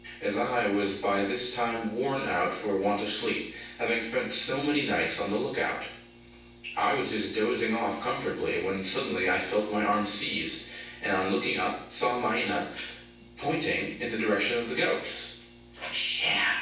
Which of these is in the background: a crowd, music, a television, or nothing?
Nothing.